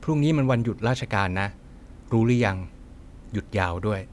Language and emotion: Thai, neutral